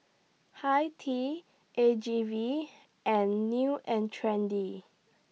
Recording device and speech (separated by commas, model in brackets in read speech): mobile phone (iPhone 6), read sentence